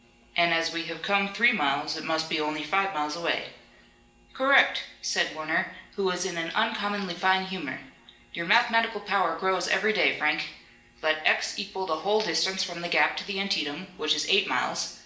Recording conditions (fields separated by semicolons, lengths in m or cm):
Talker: one person; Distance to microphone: 1.8 m; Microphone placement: close; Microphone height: 1.0 m; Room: large; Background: none